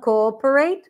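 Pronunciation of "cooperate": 'Cooperate' is pronounced incorrectly here: the first two vowels are both an o sound, 'co-o', instead of 'co' followed by the vowel of 'father'.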